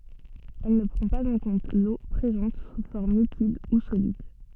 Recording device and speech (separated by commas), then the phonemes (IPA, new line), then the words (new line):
soft in-ear microphone, read sentence
ɛl nə pʁɑ̃ paz ɑ̃ kɔ̃t lo pʁezɑ̃t su fɔʁm likid u solid
Elle ne prend pas en compte l'eau présente sous forme liquide ou solide.